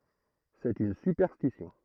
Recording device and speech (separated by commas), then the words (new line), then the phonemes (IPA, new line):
throat microphone, read sentence
C’est une superstition.
sɛt yn sypɛʁstisjɔ̃